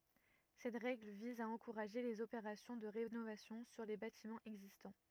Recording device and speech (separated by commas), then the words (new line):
rigid in-ear microphone, read sentence
Cette règle vise à encourager les opérations de rénovation sur les bâtiments existants.